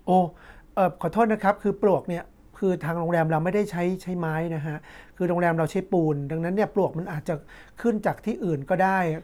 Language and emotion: Thai, neutral